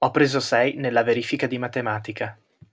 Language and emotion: Italian, neutral